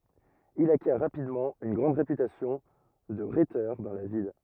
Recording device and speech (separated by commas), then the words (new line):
rigid in-ear microphone, read sentence
Il acquiert rapidement une grande réputation de rhéteur dans la ville.